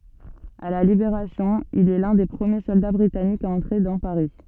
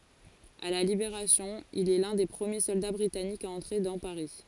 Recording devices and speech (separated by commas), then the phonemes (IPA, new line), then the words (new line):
soft in-ear microphone, forehead accelerometer, read sentence
a la libeʁasjɔ̃ il ɛ lœ̃ de pʁəmje sɔlda bʁitanikz a ɑ̃tʁe dɑ̃ paʁi
À la Libération, il est l'un des premiers soldats britanniques à entrer dans Paris.